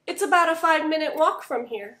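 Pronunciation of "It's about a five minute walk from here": In 'about a', the t sounds like a d and links into 'a'.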